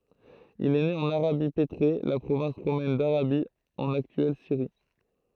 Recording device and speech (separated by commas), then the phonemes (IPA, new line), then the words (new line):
throat microphone, read sentence
il ɛ ne ɑ̃n aʁabi petʁe la pʁovɛ̃s ʁomɛn daʁabi ɑ̃n aktyɛl siʁi
Il est né en Arabie pétrée, la province romaine d'Arabie, en actuelle Syrie.